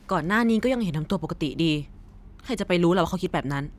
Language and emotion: Thai, frustrated